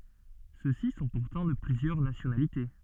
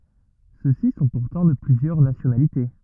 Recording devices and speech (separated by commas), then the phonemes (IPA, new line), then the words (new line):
soft in-ear microphone, rigid in-ear microphone, read sentence
søksi sɔ̃ puʁtɑ̃ də plyzjœʁ nasjonalite
Ceux-ci sont pourtant de plusieurs nationalités.